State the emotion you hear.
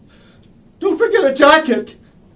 fearful